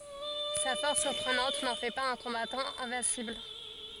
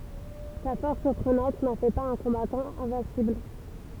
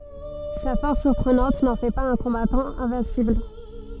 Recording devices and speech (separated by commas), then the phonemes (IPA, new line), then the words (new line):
forehead accelerometer, temple vibration pickup, soft in-ear microphone, read sentence
sa fɔʁs syʁpʁənɑ̃t nɑ̃ fɛ paz œ̃ kɔ̃batɑ̃ ɛ̃vɛ̃sibl
Sa force surprenante n'en fait pas un combattant invincible.